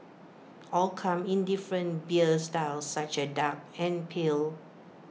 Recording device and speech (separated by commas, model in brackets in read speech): mobile phone (iPhone 6), read sentence